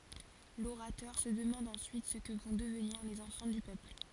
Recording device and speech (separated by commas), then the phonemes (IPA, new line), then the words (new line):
forehead accelerometer, read sentence
loʁatœʁ sə dəmɑ̃d ɑ̃syit sə kə vɔ̃ dəvniʁ lez ɑ̃fɑ̃ dy pøpl
L'orateur se demande ensuite ce que vont devenir les enfants du peuple.